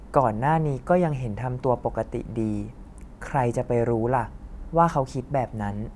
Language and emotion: Thai, neutral